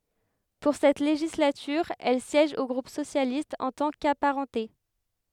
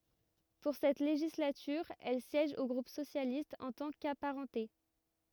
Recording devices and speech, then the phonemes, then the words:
headset microphone, rigid in-ear microphone, read sentence
puʁ sɛt leʒislatyʁ ɛl sjɛʒ o ɡʁup sosjalist ɑ̃ tɑ̃ kapaʁɑ̃te
Pour cette législature, elle siège au groupe socialiste en tant qu'apparentée.

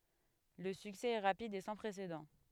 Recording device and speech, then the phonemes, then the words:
headset microphone, read sentence
lə syksɛ ɛ ʁapid e sɑ̃ pʁesedɑ̃
Le succès est rapide et sans précédent.

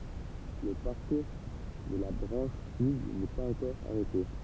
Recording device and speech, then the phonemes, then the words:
temple vibration pickup, read sentence
lə paʁkuʁ də la bʁɑ̃ʃ syd nɛ paz ɑ̃kɔʁ aʁɛte
Le parcours de la branche sud n'est pas encore arrêté.

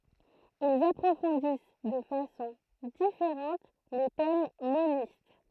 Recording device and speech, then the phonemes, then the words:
throat microphone, read sentence
ilz apʁofɔ̃dis də fasɔ̃ difeʁɑ̃t le tɛm monist
Ils approfondissent de façon différente les thèmes monistes.

